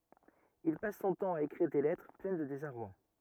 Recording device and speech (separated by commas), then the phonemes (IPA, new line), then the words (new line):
rigid in-ear microphone, read sentence
il pas sɔ̃ tɑ̃ a ekʁiʁ de lɛtʁ plɛn də dezaʁwa
Il passe son temps à écrire des lettres pleines de désarroi.